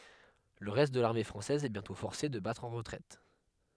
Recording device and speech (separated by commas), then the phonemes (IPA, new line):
headset microphone, read sentence
lə ʁɛst də laʁme fʁɑ̃sɛz ɛ bjɛ̃tɔ̃ fɔʁse də batʁ ɑ̃ ʁətʁɛt